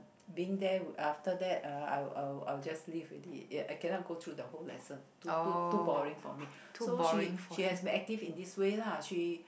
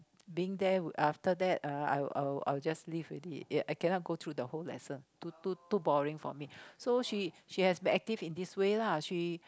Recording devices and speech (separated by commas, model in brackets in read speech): boundary microphone, close-talking microphone, conversation in the same room